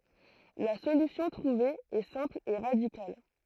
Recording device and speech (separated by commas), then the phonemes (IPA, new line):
throat microphone, read sentence
la solysjɔ̃ tʁuve ɛ sɛ̃pl e ʁadikal